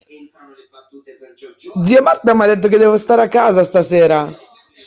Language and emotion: Italian, surprised